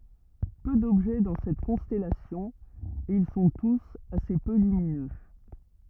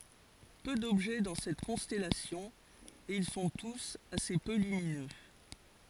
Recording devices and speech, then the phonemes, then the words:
rigid in-ear microphone, forehead accelerometer, read sentence
pø dɔbʒɛ dɑ̃ sɛt kɔ̃stɛlasjɔ̃ e il sɔ̃ tus ase pø lyminø
Peu d'objets dans cette constellation, et ils sont tous assez peu lumineux.

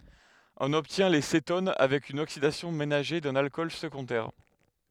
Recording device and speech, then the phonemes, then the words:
headset microphone, read sentence
ɔ̃n ɔbtjɛ̃ le seton avɛk yn oksidasjɔ̃ menaʒe dœ̃n alkɔl səɡɔ̃dɛʁ
On obtient les cétones avec une oxydation ménagée d'un alcool secondaire.

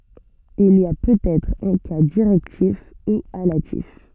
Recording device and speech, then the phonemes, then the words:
soft in-ear microphone, read sentence
il i a pøtɛtʁ œ̃ ka diʁɛktif u alatif
Il y a peut-être un cas directif, ou allatif.

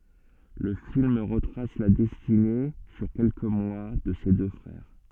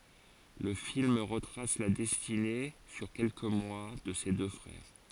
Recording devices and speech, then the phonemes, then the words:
soft in-ear microphone, forehead accelerometer, read sentence
lə film ʁətʁas la dɛstine syʁ kɛlkə mwa də se dø fʁɛʁ
Le film retrace la destinée, sur quelques mois, de ces deux frères.

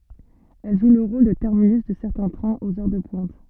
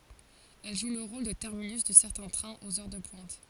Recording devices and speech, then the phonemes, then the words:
soft in-ear microphone, forehead accelerometer, read sentence
ɛl ʒu lə ʁol də tɛʁminys də sɛʁtɛ̃ tʁɛ̃z oz œʁ də pwɛ̃t
Elle joue le rôle de terminus de certains trains aux heures de pointe.

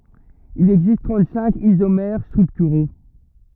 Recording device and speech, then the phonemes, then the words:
rigid in-ear microphone, read sentence
il ɛɡzist tʁɑ̃t sɛ̃k izomɛʁ stʁyktyʁo
Il existe trente-cinq isomères structuraux.

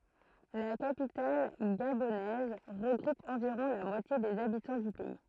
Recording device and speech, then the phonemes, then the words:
throat microphone, read sentence
la kapital ɡabonɛz ʁəɡʁup ɑ̃viʁɔ̃ la mwatje dez abitɑ̃ dy pɛi
La capitale gabonaise regroupe environ la moitié des habitants du pays.

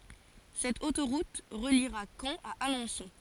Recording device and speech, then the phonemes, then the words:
forehead accelerometer, read sentence
sɛt otoʁut ʁəliʁa kɑ̃ a alɑ̃sɔ̃
Cette autoroute reliera Caen à Alençon.

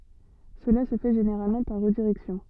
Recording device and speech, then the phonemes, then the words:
soft in-ear microphone, read sentence
səla sə fɛ ʒeneʁalmɑ̃ paʁ ʁədiʁɛksjɔ̃
Cela se fait généralement par redirection.

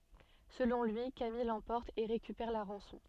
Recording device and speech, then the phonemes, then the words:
soft in-ear microphone, read sentence
səlɔ̃ lyi kamij lɑ̃pɔʁt e ʁekypɛʁ la ʁɑ̃sɔ̃
Selon lui, Camille l'emporte et récupère la rançon.

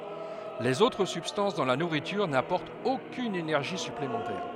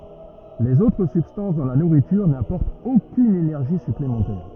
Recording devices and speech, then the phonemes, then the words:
headset microphone, rigid in-ear microphone, read sentence
lez otʁ sybstɑ̃s dɑ̃ la nuʁityʁ napɔʁtt okyn enɛʁʒi syplemɑ̃tɛʁ
Les autres substances dans la nourriture n'apportent aucune énergie supplémentaire.

